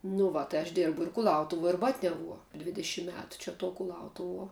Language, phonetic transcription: Lithuanian, nu ˈva tai aš ˈdėrbu ir kuˈlautuvuo ir ˈbatniavuo ˈdvidešim ˈmetu čia tuo kuˈlautuvuo

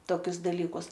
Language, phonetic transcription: Lithuanian, ˈtokius daˈlykus

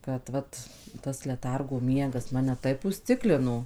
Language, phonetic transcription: Lithuanian, kad ˈvat tas leˈtargo ˈmiegas ˈmane ˈtaip uzˈciklino

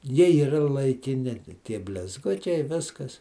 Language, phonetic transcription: Lithuanian, ˈjie yˈra laikiˈni ˈtie blizˈgučiai ˈviskas

